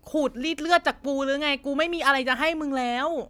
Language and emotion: Thai, frustrated